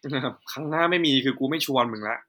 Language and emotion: Thai, frustrated